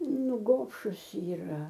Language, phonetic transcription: Lithuanian, ˈnu ˈgobšus yˈra

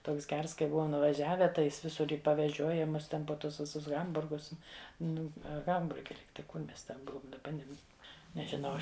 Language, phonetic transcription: Lithuanian, ˈtoks ˈgers kai ˈbuvom nuvaˈžiave tai ˈjis ˈvisur i paveˈžioja ˈmus ˈten po ˈtus ˈvisus ˈhamburgus ˈnu a ˈhamburge ˈlygtai ˈkur ˈmes ten ˈbuvum daˈba ˈnem nežiˈnau ˈaš

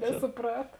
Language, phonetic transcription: Lithuanian, nesuˈprat

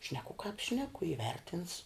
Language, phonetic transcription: Lithuanian, ˈšneku kāp ˈšneku iˈvertins

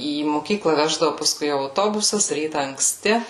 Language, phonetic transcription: Lithuanian, į moˈkykla ˈveždavu paˈskui auˈtobusas ˈryta ankˈsti

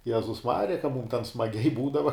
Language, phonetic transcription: Lithuanian, ˈjezus ˈmarija ka mūm ten smaˈgiai ˈbūdava

